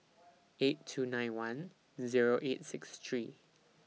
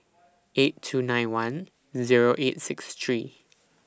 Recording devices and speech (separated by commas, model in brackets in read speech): mobile phone (iPhone 6), standing microphone (AKG C214), read sentence